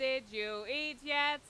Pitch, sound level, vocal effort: 270 Hz, 89 dB SPL, very loud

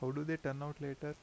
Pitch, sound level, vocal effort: 145 Hz, 82 dB SPL, soft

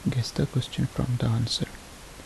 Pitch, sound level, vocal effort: 125 Hz, 68 dB SPL, soft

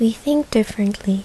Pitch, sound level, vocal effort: 225 Hz, 74 dB SPL, soft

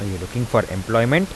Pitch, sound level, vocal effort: 115 Hz, 83 dB SPL, soft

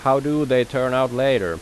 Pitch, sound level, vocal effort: 130 Hz, 91 dB SPL, loud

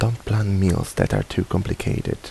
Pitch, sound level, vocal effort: 105 Hz, 73 dB SPL, soft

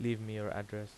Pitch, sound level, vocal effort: 105 Hz, 83 dB SPL, normal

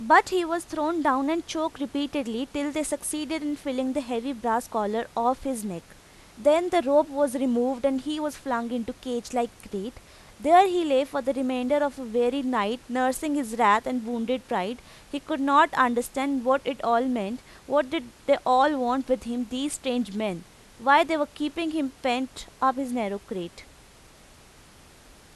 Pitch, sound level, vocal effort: 265 Hz, 89 dB SPL, loud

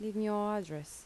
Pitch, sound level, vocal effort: 210 Hz, 79 dB SPL, soft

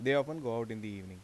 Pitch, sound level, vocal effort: 115 Hz, 88 dB SPL, normal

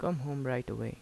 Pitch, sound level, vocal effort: 130 Hz, 79 dB SPL, soft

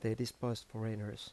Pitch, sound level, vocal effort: 110 Hz, 80 dB SPL, soft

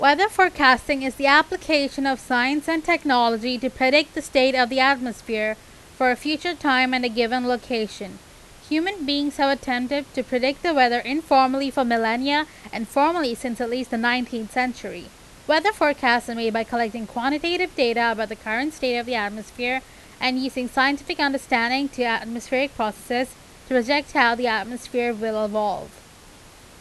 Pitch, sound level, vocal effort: 255 Hz, 91 dB SPL, very loud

